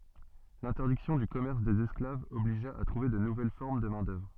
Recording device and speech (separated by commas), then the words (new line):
soft in-ear microphone, read sentence
L'interdiction du commerce des esclaves obligea à trouver de nouvelles formes de main-d'œuvre.